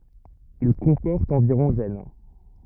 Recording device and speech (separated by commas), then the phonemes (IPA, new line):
rigid in-ear microphone, read sentence
il kɔ̃pɔʁt ɑ̃viʁɔ̃ ʒɛn